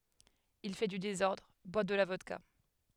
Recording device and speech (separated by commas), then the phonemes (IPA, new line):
headset microphone, read sentence
il fɛ dy dezɔʁdʁ bwa də la vɔdka